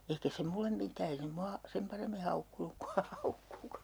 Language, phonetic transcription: Finnish, » 'eikä se 'mullem mit̀ää ei se 'mua , 'sem paremmi 'haukkunuk ku ha 'haukku(ku) ,.
- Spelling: eikä se minulle mitään ei se minua sen paremmin haukkunut kuin hän haukkui

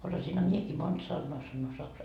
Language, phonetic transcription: Finnish, osasinha 'miekii "monD 'sannoa sannoo saksaa .
- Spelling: osasinhan minäkin monta sanaa sanoa saksaa

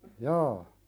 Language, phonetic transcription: Finnish, jaa .
- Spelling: jaa

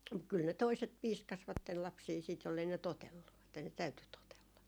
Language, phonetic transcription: Finnish, kyl ne "toiset 'piiskasvattel 'lapsii siit jollei ne "totellu , että ne "täyty 'totella .
- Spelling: kyllä ne toiset piiskasivat lapsia sitten jos ei ne totellut että ne täytyi totella

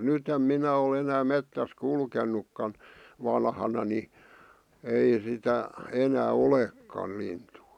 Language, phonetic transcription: Finnish, 'nyt ‿em 'minä o'l ‿enää 'mettäs "kulkennukkan , 'vanhana ni , 'ei sitä , 'enää "olekkal lintuu .
- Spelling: nyt en minä ole enää metsässä kulkenutkaan vanhana niin ei sitä enää olekaan lintua

